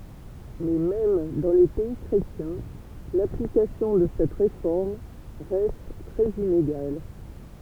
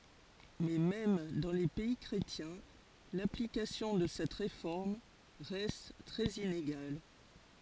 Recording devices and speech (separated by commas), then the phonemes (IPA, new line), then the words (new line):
temple vibration pickup, forehead accelerometer, read sentence
mɛ mɛm dɑ̃ le pɛi kʁetjɛ̃ laplikasjɔ̃ də sɛt ʁefɔʁm ʁɛst tʁɛz ineɡal
Mais même dans les pays chrétiens, l'application de cette réforme reste très inégale.